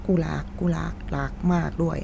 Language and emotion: Thai, sad